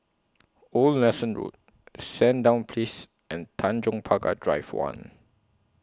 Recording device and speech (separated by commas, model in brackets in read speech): close-talking microphone (WH20), read sentence